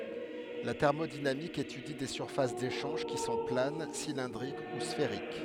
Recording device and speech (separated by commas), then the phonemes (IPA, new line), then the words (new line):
headset microphone, read sentence
la tɛʁmodinamik etydi de syʁfas deʃɑ̃ʒ ki sɔ̃ plan silɛ̃dʁik u sfeʁik
La thermodynamique étudie des surfaces d'échange qui sont planes, cylindriques ou sphériques.